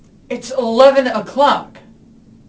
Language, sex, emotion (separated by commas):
English, male, angry